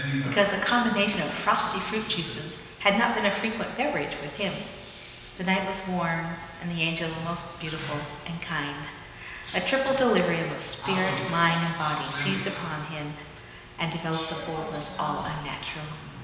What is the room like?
A big, very reverberant room.